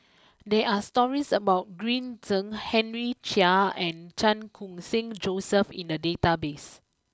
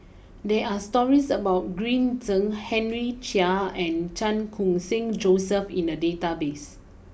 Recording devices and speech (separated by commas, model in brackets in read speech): close-talking microphone (WH20), boundary microphone (BM630), read sentence